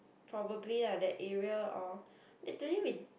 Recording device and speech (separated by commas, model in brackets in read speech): boundary microphone, conversation in the same room